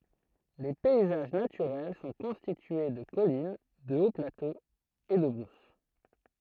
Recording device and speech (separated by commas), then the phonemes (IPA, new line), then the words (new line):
throat microphone, read sentence
le pɛizaʒ natyʁɛl sɔ̃ kɔ̃stitye də kɔlin də oplatoz e də bʁus
Les paysages naturels sont constitués de collines, de hauts-plateaux et de brousse.